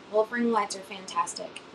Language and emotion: English, neutral